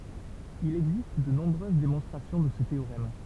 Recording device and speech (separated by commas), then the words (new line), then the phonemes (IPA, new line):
temple vibration pickup, read sentence
Il existe de nombreuses démonstrations de ce théorème.
il ɛɡzist də nɔ̃bʁøz demɔ̃stʁasjɔ̃ də sə teoʁɛm